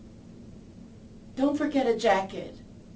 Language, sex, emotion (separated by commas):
English, female, neutral